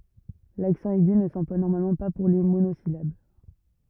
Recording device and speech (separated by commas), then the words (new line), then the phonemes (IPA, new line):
rigid in-ear microphone, read sentence
L'accent aigu ne s'emploie normalement pas pour les monosyllabes.
laksɑ̃ ɛɡy nə sɑ̃plwa nɔʁmalmɑ̃ pa puʁ le monozilab